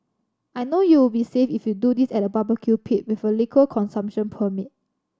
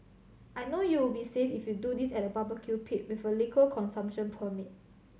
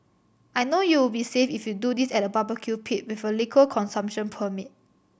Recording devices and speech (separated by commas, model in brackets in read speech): standing microphone (AKG C214), mobile phone (Samsung C7100), boundary microphone (BM630), read sentence